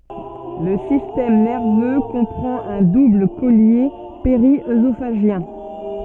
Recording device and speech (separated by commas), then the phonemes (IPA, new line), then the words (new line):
soft in-ear microphone, read sentence
lə sistɛm nɛʁvø kɔ̃pʁɑ̃t œ̃ dubl kɔlje peʁiøzofaʒjɛ̃
Le système nerveux comprend un double collier périœsophagien.